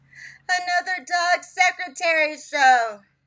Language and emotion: English, fearful